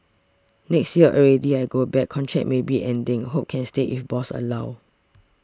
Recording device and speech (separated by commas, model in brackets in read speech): standing microphone (AKG C214), read sentence